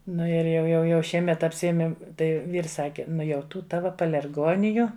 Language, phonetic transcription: Lithuanian, ˈnu ir jau ˈjau jau ˈšiemet apsiˈemėm ˈtai ˈvyrs ˈsaki ˈnu jau ˈtų ˈtava palerˈgoniju

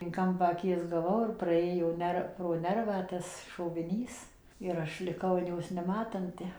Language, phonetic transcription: Lithuanian, in ˈkampą aˈkies gaˈvau ir praˈėjo ˈner pro ˈnervą ˈtas šoviˈnys ir ˈaš liˈkau an ˈjos neˈmatanti

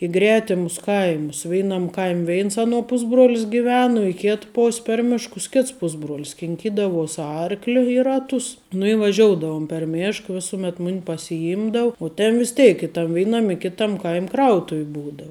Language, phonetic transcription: Lithuanian, i ˈgretimus ˈkaimus ˈveinam ˈkaim' ˈveins ˈaˌnuo ˈpusbruolis giˈven u i ˈkit ˈpos' per ˈmiškus ˈkits ˈpusbruolis kinˈkydavuos ˈarkli i ˈratus nu i vaˈžioudavum per ˈmėšk ˈvisuˌmet ˈmun' pasiˈimdav u ˈten vis ˈtėik i tam ˈvėinam i ˈkitam ˈkaim' ˈkrautuv' ˈbūdau

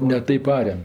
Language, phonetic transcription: Lithuanian, ne ˈtaip ˈarem

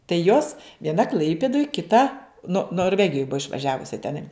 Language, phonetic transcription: Lithuanian, tai ˈjos vieˈna ˈklaipidoj kiˈta no norˈvegijoj ˈbua išvaˈžiavusi teˈnai

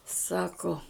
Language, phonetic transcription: Lithuanian, ˈsako

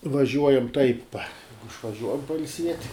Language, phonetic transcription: Lithuanian, vaˈžiuojam taip išvaˈžiuojam pailˈsiet'

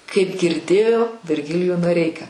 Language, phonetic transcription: Lithuanian, kaip girˈdėjo virˈgilijų noˈreiką

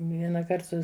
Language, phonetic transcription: Lithuanian, vienaˈkart su

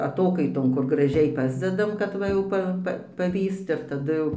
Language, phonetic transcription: Lithuanian, aˈtokaiton kur graˈžiai ˈpasdedam kad ˈva jau ˈpa ˈpa paˈvyst ir taˈdu ˈjau

